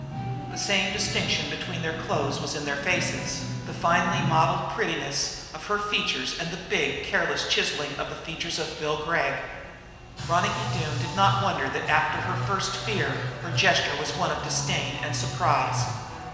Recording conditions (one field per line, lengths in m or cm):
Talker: one person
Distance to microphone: 1.7 m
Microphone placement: close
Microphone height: 1.0 m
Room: very reverberant, large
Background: music